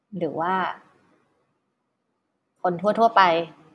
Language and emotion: Thai, neutral